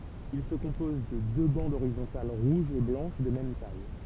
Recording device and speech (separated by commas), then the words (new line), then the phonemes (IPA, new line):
temple vibration pickup, read sentence
Il se compose de deux bandes horizontales rouge et blanche de même taille.
il sə kɔ̃pɔz də dø bɑ̃dz oʁizɔ̃tal ʁuʒ e blɑ̃ʃ də mɛm taj